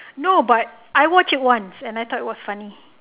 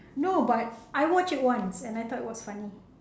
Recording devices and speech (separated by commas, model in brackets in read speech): telephone, standing microphone, conversation in separate rooms